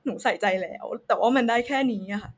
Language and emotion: Thai, sad